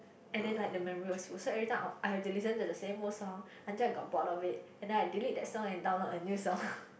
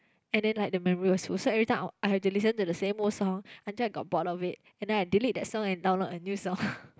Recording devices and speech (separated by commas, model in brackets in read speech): boundary microphone, close-talking microphone, conversation in the same room